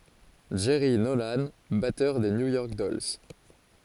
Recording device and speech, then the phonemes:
forehead accelerometer, read sentence
dʒɛʁi nolɑ̃ batœʁ də nju jɔʁk dɔls

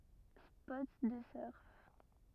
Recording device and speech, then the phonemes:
rigid in-ear microphone, read sentence
spɔt də sœʁ

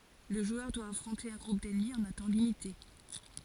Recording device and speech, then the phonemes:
forehead accelerometer, read sentence
lə ʒwœʁ dwa afʁɔ̃te œ̃ ɡʁup dɛnmi ɑ̃n œ̃ tɑ̃ limite

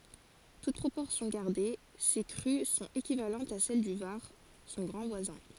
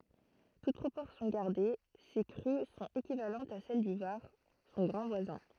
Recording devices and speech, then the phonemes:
forehead accelerometer, throat microphone, read sentence
tut pʁopɔʁsjɔ̃ ɡaʁde se kʁy sɔ̃t ekivalɑ̃tz a sɛl dy vaʁ sɔ̃ ɡʁɑ̃ vwazɛ̃

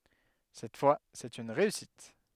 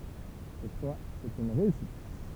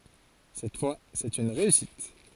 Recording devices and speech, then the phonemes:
headset microphone, temple vibration pickup, forehead accelerometer, read sentence
sɛt fwa sɛt yn ʁeysit

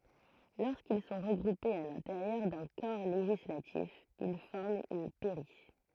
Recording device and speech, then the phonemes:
throat microphone, read sentence
loʁskil sɔ̃ ʁəɡʁupez a lɛ̃teʁjœʁ dœ̃ kɔʁ leʒislatif il fɔʁmt yn pɛʁi

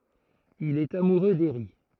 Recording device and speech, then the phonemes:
throat microphone, read sentence
il ɛt amuʁø deʁi

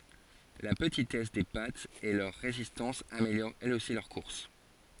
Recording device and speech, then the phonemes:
forehead accelerometer, read sentence
la pətitɛs de patz e lœʁ ʁezistɑ̃s ameljoʁt ɛlz osi lœʁ kuʁs

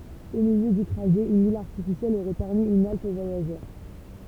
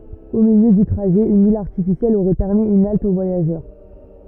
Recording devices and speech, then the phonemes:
temple vibration pickup, rigid in-ear microphone, read sentence
o miljø dy tʁaʒɛ yn il aʁtifisjɛl oʁɛ pɛʁmi yn alt o vwajaʒœʁ

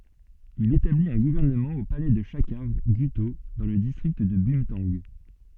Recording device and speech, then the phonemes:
soft in-ear microphone, read sentence
il etablit œ̃ ɡuvɛʁnəmɑ̃ o palɛ də ʃakaʁ ɡyto dɑ̃ lə distʁikt də bœ̃tɑ̃ɡ

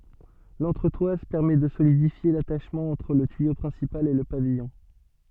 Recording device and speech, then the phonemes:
soft in-ear microphone, read sentence
lɑ̃tʁətwaz pɛʁmɛ də solidifje lataʃmɑ̃ ɑ̃tʁ lə tyijo pʁɛ̃sipal e lə pavijɔ̃

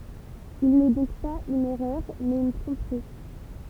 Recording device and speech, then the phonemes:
temple vibration pickup, read sentence
il nɛ dɔ̃k paz yn ɛʁœʁ mɛz yn tʁɔ̃pʁi

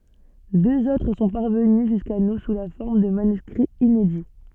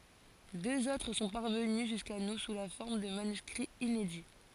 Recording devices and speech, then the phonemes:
soft in-ear microphone, forehead accelerometer, read sentence
døz otʁ sɔ̃ paʁvəny ʒyska nu su la fɔʁm də manyskʁiz inedi

